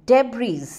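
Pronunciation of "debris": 'Debris' is pronounced incorrectly here: the final s is sounded, though it should be silent.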